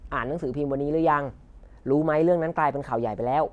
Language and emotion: Thai, neutral